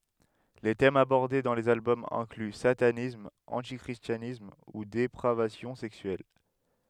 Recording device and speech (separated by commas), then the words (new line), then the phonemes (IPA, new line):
headset microphone, read sentence
Les thèmes abordés dans les albums incluent satanisme, anti-christianisme, ou dépravation sexuelle.
le tɛmz abɔʁde dɑ̃ lez albɔmz ɛ̃kly satanism ɑ̃ti kʁistjanism u depʁavasjɔ̃ sɛksyɛl